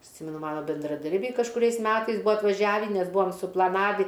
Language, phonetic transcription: Lithuanian, ˈsimenu ˈmano bendraˈdarbiai kažkuˈriais ˈmetais ˈbūa atvaˈžiavį nes ˈbūam suplaˈnavį

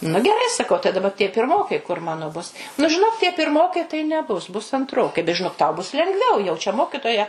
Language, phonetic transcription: Lithuanian, nu geˈrai saˈkau tai daˈba tie pirˈmokai kur ˈmano bus nu žiˈnok tie pirˈmokai tai neˈbus bus antˈrokai bet žiˈnok tau bus lengˈviau jau čia ˈmokitoja

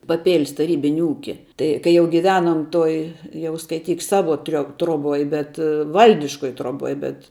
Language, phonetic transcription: Lithuanian, paˈpėl's taˈrybini ˈūki ˈtai kai ˈjau giˈvenom ˈtoj ˈjau skaiˈtyk ˈsavo trio troˈboj bet ˈvaldiškoj troˈboj bet

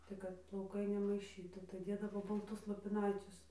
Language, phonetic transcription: Lithuanian, tai ˈkad plauˈkai nemaiˈšytų tai ˈdėdavo balˈtus lopiˈnaicius

